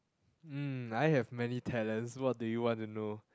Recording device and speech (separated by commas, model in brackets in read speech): close-talking microphone, conversation in the same room